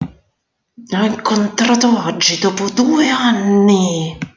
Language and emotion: Italian, angry